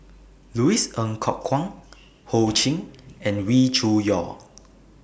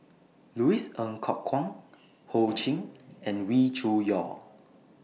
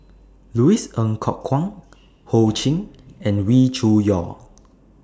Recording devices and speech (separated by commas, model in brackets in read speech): boundary microphone (BM630), mobile phone (iPhone 6), standing microphone (AKG C214), read sentence